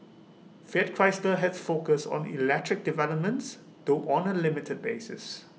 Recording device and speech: mobile phone (iPhone 6), read sentence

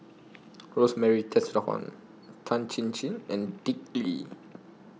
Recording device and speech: mobile phone (iPhone 6), read sentence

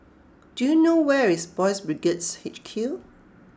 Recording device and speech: close-talking microphone (WH20), read sentence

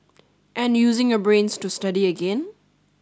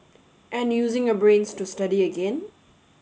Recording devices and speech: standing microphone (AKG C214), mobile phone (Samsung S8), read sentence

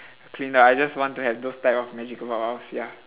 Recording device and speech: telephone, conversation in separate rooms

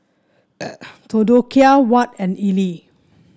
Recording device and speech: standing microphone (AKG C214), read sentence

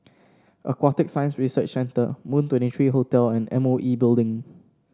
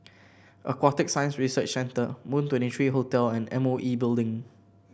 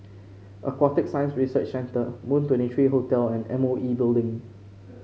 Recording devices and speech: standing microphone (AKG C214), boundary microphone (BM630), mobile phone (Samsung C5), read sentence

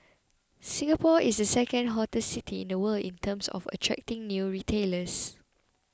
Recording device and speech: close-talking microphone (WH20), read sentence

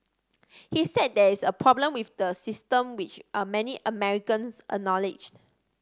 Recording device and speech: standing microphone (AKG C214), read sentence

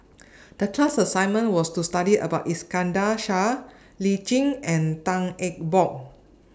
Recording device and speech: standing microphone (AKG C214), read sentence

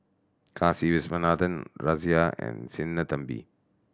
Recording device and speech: standing microphone (AKG C214), read sentence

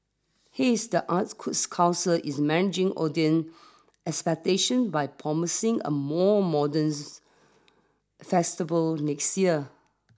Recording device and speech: standing microphone (AKG C214), read sentence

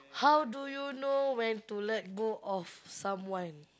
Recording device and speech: close-talking microphone, conversation in the same room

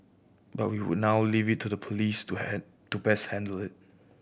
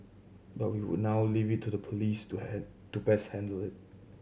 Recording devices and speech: boundary microphone (BM630), mobile phone (Samsung C7100), read sentence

